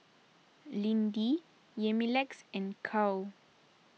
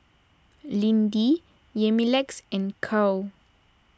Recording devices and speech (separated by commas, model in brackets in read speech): mobile phone (iPhone 6), standing microphone (AKG C214), read sentence